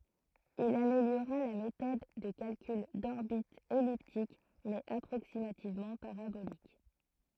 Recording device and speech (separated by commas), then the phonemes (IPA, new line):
throat microphone, read sentence
il ameljoʁa la metɔd də kalkyl dɔʁbitz ɛliptik mɛz apʁoksimativmɑ̃ paʁabolik